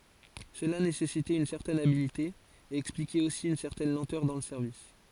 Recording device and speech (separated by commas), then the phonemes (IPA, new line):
forehead accelerometer, read sentence
səla nesɛsitɛt yn sɛʁtɛn abilte e ɛksplikɛt osi yn sɛʁtɛn lɑ̃tœʁ dɑ̃ lə sɛʁvis